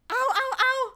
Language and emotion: Thai, happy